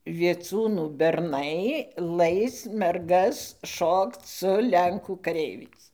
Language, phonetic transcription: Lithuanian, vieˈcūnų berˈnai ˈlais merˈgas ˈšokc su ˈlenkų kaˈreiviais

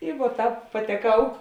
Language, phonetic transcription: Lithuanian, i vuo ˈtāp pateˈkau

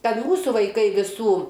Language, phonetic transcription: Lithuanian, ˈkad ˈmūsų vaiˈkai viˈsų

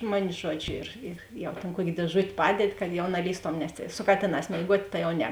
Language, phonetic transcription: Lithuanian, ˈmuni ˈžuodžiu ir ir ˈjau tėn ˈkuokė dėˈžut' ˈpadedi kad jau naˈlįstom nes tėi su ˈkatėˌnās mėiˈguot' ˈta jau ˈne

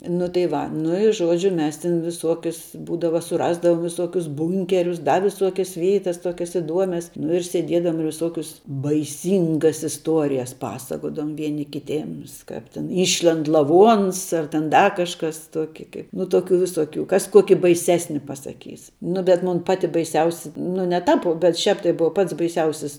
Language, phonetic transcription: Lithuanian, nu tai ˈva nu i ˈžuodžiu ˈmes ˈtin viˈsuokius ˈbūdava suˈrasdavom viˈsuokius ˈbunkerius ˈda viˈsuokias ˈvyitas ˈtuokias iˈduomias nu ir sėˈdiedavom ir viˈsokius baiˈsyngas isˈtuorijas ˈpasakodavom ˈvieni kiˈtėms ˈkap tin ˈyšlend laˈvuons ar ten ˈda kažˈkas ˈtuoki kaip nu ˈtuokiu viˈsuokiu ˈkas ˈkuoki baiˈsesni pasaˈkys nu bet ˈmun ˈpati baiˈsiausia nu ne ˈtāp u bet ˈšiāp tai ˈbuva ˈpats baiˈsiausis

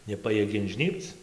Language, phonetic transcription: Lithuanian, neˈpajiegia inˈžnybc

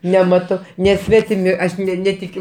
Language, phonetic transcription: Lithuanian, neˈmato neˈsvetimi ˈaš ˈnetikiu

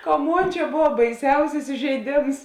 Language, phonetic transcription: Lithuanian, ka ˈmon ˈčia ˈbova baiˈsiausis ižeiˈdėms

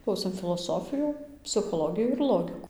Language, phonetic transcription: Lithuanian, ˈklausėm filoˈsofijų psichoˈlogijų ir ˈlogikų

